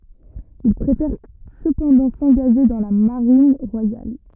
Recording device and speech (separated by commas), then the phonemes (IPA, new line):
rigid in-ear microphone, read sentence
il pʁefɛʁ səpɑ̃dɑ̃ sɑ̃ɡaʒe dɑ̃ la maʁin ʁwajal